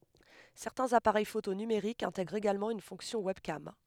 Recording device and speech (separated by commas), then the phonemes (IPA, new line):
headset microphone, read sentence
sɛʁtɛ̃z apaʁɛj foto nymeʁikz ɛ̃tɛɡʁt eɡalmɑ̃ yn fɔ̃ksjɔ̃ wɛbkam